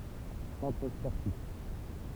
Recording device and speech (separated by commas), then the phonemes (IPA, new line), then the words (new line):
temple vibration pickup, read sentence
sɑ̃tʁ spɔʁtif
Centre sportif.